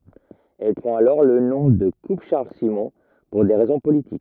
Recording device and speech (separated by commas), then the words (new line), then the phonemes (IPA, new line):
rigid in-ear microphone, read sentence
Elle prend alors le nom de Coupe Charles Simon, pour des raisons politiques.
ɛl pʁɑ̃t alɔʁ lə nɔ̃ də kup ʃaʁl simɔ̃ puʁ de ʁɛzɔ̃ politik